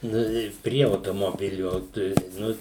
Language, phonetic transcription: Lithuanian, ˈnu i ˈprie automoˈbiliu tai ˈnu

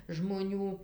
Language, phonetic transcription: Lithuanian, žmoˈnių

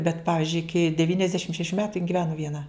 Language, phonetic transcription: Lithuanian, bet ˈpavizdžiui ˈiki devyniasˈdešim šeˈšių ˈmetu jin giˈvenu vieˈna

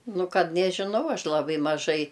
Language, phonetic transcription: Lithuanian, ˈnu ˈkad nežiˈnau ˈaš laˈbai maˈžai

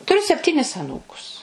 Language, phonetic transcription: Lithuanian, tuˈriu sepˈtynis aˈnūkus

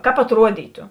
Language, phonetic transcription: Lithuanian, ˈkāp atˈruodytu

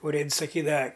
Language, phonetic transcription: Lithuanian, uˈrėds saˈkydava

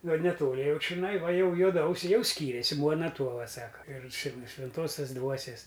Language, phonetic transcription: Lithuanian, ˈgal neˈtoli ˈjau čiˈnai ˈva ˈjau juoˈdausiai ˈjau ˈskyrėsi ˈmuona ˈtuova ˈsaka ir či nu švenˈtuosias ˈdvuosės

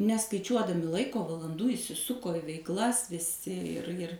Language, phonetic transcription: Lithuanian, neskaiˈčiuodami ˈlaiko valanˈdų įsiˈsuko i veikˈlas viˈsi ir ir

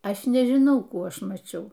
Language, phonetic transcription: Lithuanian, ˈaš nežiˈnau ˈkų ˈaš maˈčiau

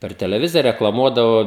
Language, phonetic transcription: Lithuanian, per teleˈvizija reklaˈmuodavo

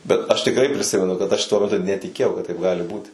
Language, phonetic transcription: Lithuanian, bet aš tikˈrai priˈsimenu kad aš tuo meˈtu netiˈkėjau kad taip ˈgali ˈbūti

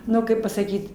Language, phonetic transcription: Lithuanian, ˈnu ˈkaip pasaˈkyt

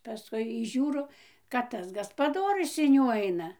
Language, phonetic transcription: Lithuanian, paˈskui y ˈžiūro kad ˈtas gaspaˈdorius in ˈjų ˈaina

